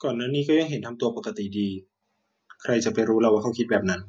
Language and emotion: Thai, neutral